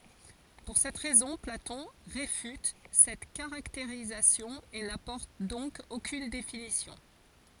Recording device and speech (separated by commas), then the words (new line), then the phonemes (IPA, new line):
forehead accelerometer, read sentence
Pour cette raison, Platon réfute cette caractérisation et n'apporte donc aucune définition.
puʁ sɛt ʁɛzɔ̃ platɔ̃ ʁefyt sɛt kaʁakteʁizasjɔ̃ e napɔʁt dɔ̃k okyn definisjɔ̃